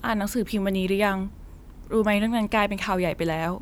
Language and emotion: Thai, frustrated